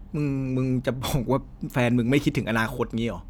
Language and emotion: Thai, frustrated